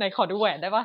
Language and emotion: Thai, happy